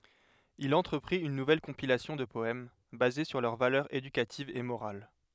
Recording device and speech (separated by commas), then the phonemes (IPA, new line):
headset microphone, read sentence
il ɑ̃tʁəpʁit yn nuvɛl kɔ̃pilasjɔ̃ də pɔɛm baze syʁ lœʁ valœʁz edykativz e moʁal